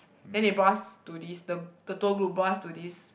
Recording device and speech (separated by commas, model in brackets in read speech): boundary microphone, conversation in the same room